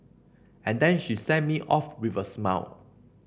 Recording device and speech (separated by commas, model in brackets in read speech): boundary microphone (BM630), read sentence